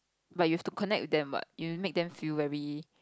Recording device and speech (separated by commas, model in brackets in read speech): close-talking microphone, conversation in the same room